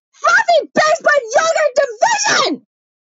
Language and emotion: English, disgusted